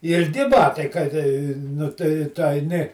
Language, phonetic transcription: Lithuanian, ilˈgi ˈbatai kad ˈnu tai tu aiˈni

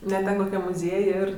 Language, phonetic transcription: Lithuanian, ne ˈten koˈkiam muˈziej ir

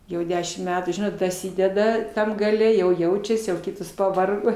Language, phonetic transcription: Lithuanian, jau ˈdešim ˈmetų ˈžinot daˈsydeda ˈtam gaˈle jau ˈjaučiasi jau ˈkitos paˈvargo

